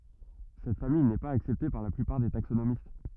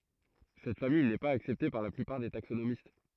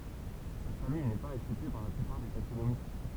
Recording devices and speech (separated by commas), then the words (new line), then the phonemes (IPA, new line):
rigid in-ear microphone, throat microphone, temple vibration pickup, read sentence
Cette famille n'est pas acceptée par la plupart des taxonomistes.
sɛt famij nɛ paz aksɛpte paʁ la plypaʁ de taksonomist